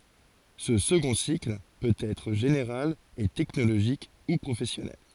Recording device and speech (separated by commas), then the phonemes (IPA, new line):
forehead accelerometer, read sentence
sə səɡɔ̃ sikl pøt ɛtʁ ʒeneʁal e tɛknoloʒik u pʁofɛsjɔnɛl